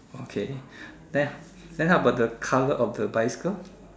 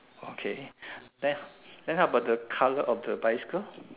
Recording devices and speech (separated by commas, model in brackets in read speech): standing microphone, telephone, conversation in separate rooms